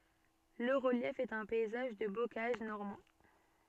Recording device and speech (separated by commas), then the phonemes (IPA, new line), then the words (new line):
soft in-ear microphone, read sentence
lə ʁəljɛf ɛt œ̃ pɛizaʒ də bokaʒ nɔʁmɑ̃
Le relief est un paysage de bocage normand.